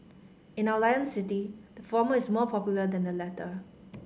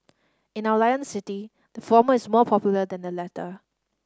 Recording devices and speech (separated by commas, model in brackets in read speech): mobile phone (Samsung C5010), standing microphone (AKG C214), read sentence